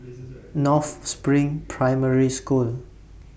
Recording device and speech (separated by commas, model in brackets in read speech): boundary microphone (BM630), read sentence